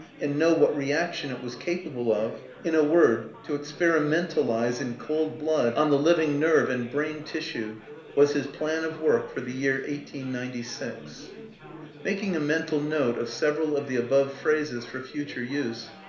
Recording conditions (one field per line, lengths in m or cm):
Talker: one person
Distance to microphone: 1.0 m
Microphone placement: close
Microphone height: 1.1 m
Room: small (3.7 m by 2.7 m)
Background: babble